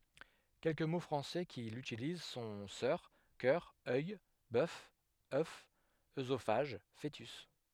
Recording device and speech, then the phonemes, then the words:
headset microphone, read sentence
kɛlkə mo fʁɑ̃sɛ ki lytiliz sɔ̃ sœʁ kœʁ œj bœf œf øzofaʒ foətys
Quelques mots français qui l'utilisent sont sœur, cœur, œil, bœuf, œuf, œsophage, fœtus...

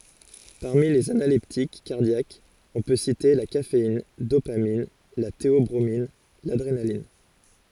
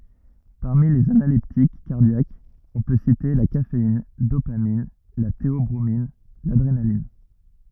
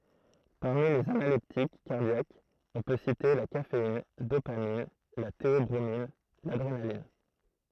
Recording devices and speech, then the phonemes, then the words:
forehead accelerometer, rigid in-ear microphone, throat microphone, read sentence
paʁmi lez analɛptik kaʁdjakz ɔ̃ pø site la kafein dopamin la teɔbʁomin ladʁenalin
Parmi les analeptiques cardiaques, on peut citer la caféine, dopamine, la théobromine, l'adrénaline.

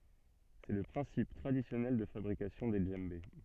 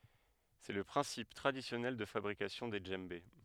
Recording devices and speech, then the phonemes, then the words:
soft in-ear microphone, headset microphone, read sentence
sɛ lə pʁɛ̃sip tʁadisjɔnɛl də fabʁikasjɔ̃ de dʒɑ̃be
C'est le principe traditionnel de fabrication des djembés.

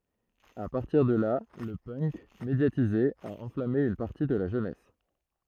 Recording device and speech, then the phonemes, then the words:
throat microphone, read sentence
a paʁtiʁ də la lə pœnk medjatize a ɑ̃flame yn paʁti də la ʒønɛs
À partir de là le punk, médiatisé, a enflammé une partie de la jeunesse.

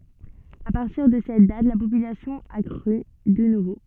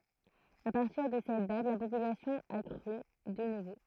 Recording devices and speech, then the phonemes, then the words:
soft in-ear microphone, throat microphone, read sentence
a paʁtiʁ də sɛt dat la popylasjɔ̃ a kʁy də nuvo
À partir de cette date la population a crû de nouveau.

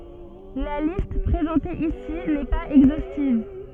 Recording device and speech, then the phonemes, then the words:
soft in-ear microphone, read sentence
la list pʁezɑ̃te isi nɛ paz ɛɡzostiv
La liste présentée ici n'est pas exhaustive.

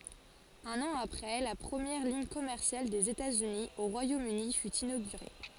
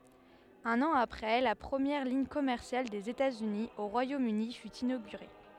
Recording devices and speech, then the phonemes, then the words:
forehead accelerometer, headset microphone, read sentence
œ̃n ɑ̃ apʁɛ la pʁəmjɛʁ liɲ kɔmɛʁsjal dez etatsyni o ʁwajomøni fy inoɡyʁe
Un an après, la première ligne commerciale des États-Unis au Royaume-Uni fut inaugurée.

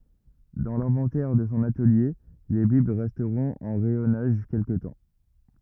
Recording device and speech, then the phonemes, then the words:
rigid in-ear microphone, read sentence
dɑ̃ lɛ̃vɑ̃tɛʁ də sɔ̃ atəlje le bibl ʁɛstʁɔ̃t ɑ̃ ʁɛjɔnaʒ kɛlkə tɑ̃
Dans l’inventaire de son atelier, les bibles resteront en rayonnage quelque temps.

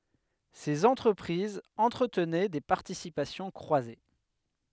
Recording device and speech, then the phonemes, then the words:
headset microphone, read sentence
sez ɑ̃tʁəpʁizz ɑ̃tʁətnɛ de paʁtisipasjɔ̃ kʁwaze
Ces entreprises entretenaient des participations croisées.

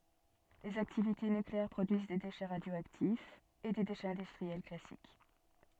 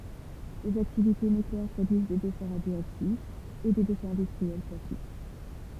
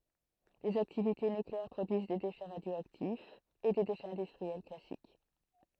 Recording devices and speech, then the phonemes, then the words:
soft in-ear microphone, temple vibration pickup, throat microphone, read sentence
lez aktivite nykleɛʁ pʁodyiz de deʃɛ ʁadjoaktifz e de deʃɛz ɛ̃dystʁiɛl klasik
Les activités nucléaires produisent des déchets radioactifs et des déchets industriels classiques.

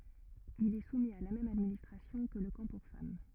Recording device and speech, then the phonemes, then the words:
rigid in-ear microphone, read sentence
il ɛ sumi a la mɛm administʁasjɔ̃ kə lə kɑ̃ puʁ fam
Il est soumis à la même administration que le camp pour femmes.

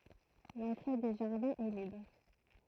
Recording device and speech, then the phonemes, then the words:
throat microphone, read sentence
lɑ̃tʁe de ʒaʁdɛ̃z ɛ libʁ
L'entrée des jardins est libre.

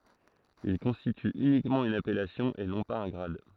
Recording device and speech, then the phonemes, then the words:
throat microphone, read sentence
il kɔ̃stity ynikmɑ̃ yn apɛlasjɔ̃ e nɔ̃ paz œ̃ ɡʁad
Il constitue uniquement une appellation et non pas un grade.

